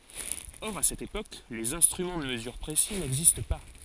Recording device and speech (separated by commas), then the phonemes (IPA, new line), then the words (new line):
forehead accelerometer, read sentence
ɔʁ a sɛt epok lez ɛ̃stʁymɑ̃ də məzyʁ pʁesi nɛɡzist pa
Or, à cette époque, les instruments de mesure précis n'existent pas.